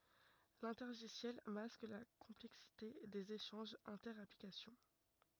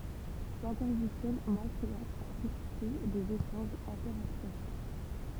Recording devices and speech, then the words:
rigid in-ear microphone, temple vibration pickup, read sentence
L'intergiciel masque la complexité des échanges inter-applications.

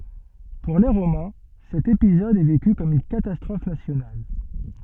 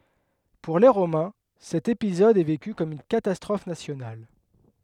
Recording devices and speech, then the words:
soft in-ear microphone, headset microphone, read sentence
Pour les Romains, cet épisode est vécu comme une catastrophe nationale.

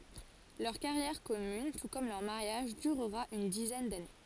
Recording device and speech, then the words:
forehead accelerometer, read sentence
Leur carrière commune, tout comme leur mariage, durera une dizaine d'années.

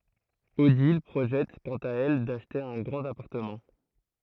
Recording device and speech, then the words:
throat microphone, read sentence
Odile projette, quant à elle, d'acheter un grand appartement.

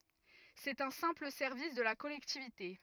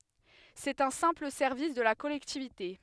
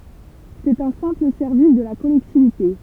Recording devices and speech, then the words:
rigid in-ear microphone, headset microphone, temple vibration pickup, read sentence
C'est un simple service de la collectivité.

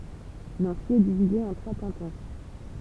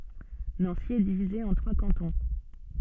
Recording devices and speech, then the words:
temple vibration pickup, soft in-ear microphone, read sentence
Nancy est divisée en trois cantons.

